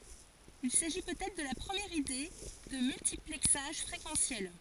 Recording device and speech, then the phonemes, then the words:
forehead accelerometer, read sentence
il saʒi pøt ɛtʁ də la pʁəmjɛʁ ide də myltiplɛksaʒ fʁekɑ̃sjɛl
Il s'agit peut-être de la première idée de multiplexage fréquentiel.

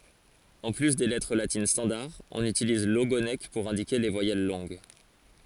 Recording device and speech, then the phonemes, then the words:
forehead accelerometer, read sentence
ɑ̃ ply de lɛtʁ latin stɑ̃daʁ ɔ̃n ytiliz loɡonk puʁ ɛ̃dike le vwajɛl lɔ̃ɡ
En plus des lettres latines standard, on utilise l'ogonek pour indiquer les voyelles longues.

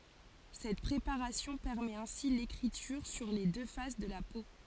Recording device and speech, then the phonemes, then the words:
forehead accelerometer, read sentence
sɛt pʁepaʁasjɔ̃ pɛʁmɛt ɛ̃si lekʁityʁ syʁ le dø fas də la po
Cette préparation permet ainsi l'écriture sur les deux faces de la peau.

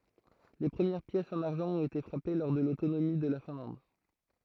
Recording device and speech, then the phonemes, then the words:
throat microphone, read sentence
le pʁəmjɛʁ pjɛsz ɑ̃n aʁʒɑ̃ ɔ̃t ete fʁape lɔʁ də lotonomi də la fɛ̃lɑ̃d
Les premières pièces en argent ont été frappées lors de l'autonomie de la Finlande.

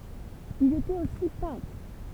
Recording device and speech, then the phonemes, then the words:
temple vibration pickup, read sentence
il etɛt osi pɛ̃tʁ
Il était aussi peintre.

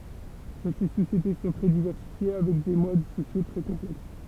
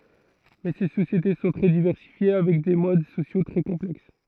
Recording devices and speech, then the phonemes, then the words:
temple vibration pickup, throat microphone, read sentence
mɛ se sosjete sɔ̃ tʁɛ divɛʁsifje avɛk de mod sosjo tʁɛ kɔ̃plɛks
Mais, ces sociétés sont très diversifiées avec des modes sociaux très complexes.

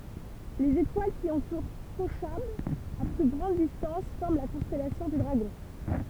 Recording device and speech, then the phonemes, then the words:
temple vibration pickup, read sentence
lez etwal ki ɑ̃tuʁ koʃab a ply ɡʁɑ̃d distɑ̃s fɔʁm la kɔ̃stɛlasjɔ̃ dy dʁaɡɔ̃
Les étoiles qui entourent Kochab à plus grande distance forment la constellation du Dragon.

